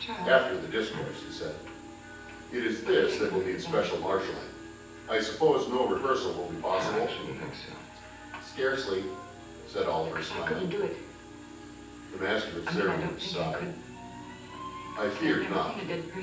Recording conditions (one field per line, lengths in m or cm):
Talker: one person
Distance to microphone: 9.8 m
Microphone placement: far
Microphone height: 1.8 m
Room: large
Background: television